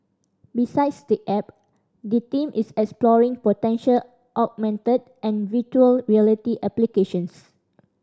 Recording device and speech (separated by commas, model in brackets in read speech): standing microphone (AKG C214), read sentence